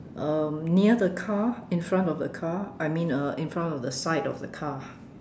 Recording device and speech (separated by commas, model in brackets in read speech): standing microphone, conversation in separate rooms